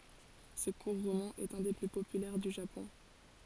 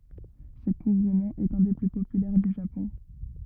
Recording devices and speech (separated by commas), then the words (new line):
forehead accelerometer, rigid in-ear microphone, read sentence
Ce court roman est un des plus populaires du Japon.